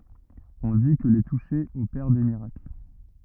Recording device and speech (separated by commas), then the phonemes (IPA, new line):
rigid in-ear microphone, read sentence
ɔ̃ di kə le tuʃe opɛʁ de miʁakl